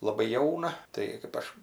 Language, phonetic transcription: Lithuanian, laˈbai ˈjauna ˈtai kɜp ˈaš

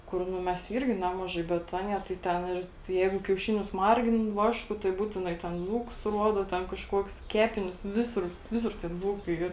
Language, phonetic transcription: Lithuanian, ˈkur ˈnu ˈmes ˈyrgi ˈnemažai bet ˈanie tai ˈten ir ˈjeigu kiauˈšinius ˈmargin ˈvašku tai ˈbūtinai ten ˈdzūkus ˈruodo ˈten kažˈkuoks ˈkepinius ˈvisur ˈvisur tik ˈdzūkai ˈyr

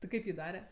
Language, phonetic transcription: Lithuanian, ti ˈkaip jį ˈdare

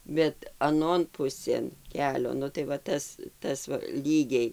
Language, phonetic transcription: Lithuanian, bet aˈnon ˈpusėn ˈkelio ˈnu tai va ˈtas ˈtas va ˈlygiai

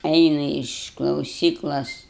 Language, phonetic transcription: Lithuanian, ˈeinu iš klauˈsyklos

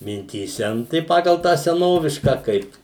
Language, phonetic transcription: Lithuanian, mintyˈse nu tai ˈpagal tą seˈnovišką ˈkaip

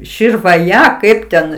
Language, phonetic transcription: Lithuanian, širvaˈja ˈkaip ten

